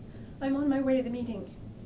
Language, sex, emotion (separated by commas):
English, female, neutral